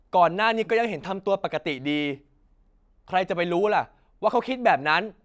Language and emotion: Thai, angry